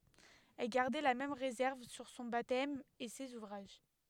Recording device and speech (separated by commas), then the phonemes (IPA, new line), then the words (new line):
headset microphone, read sentence
ɛl ɡaʁdɛ la mɛm ʁezɛʁv syʁ sɔ̃ batɛm e sez uvʁaʒ
Elle gardait la même réserve sur son baptême et ses ouvrages.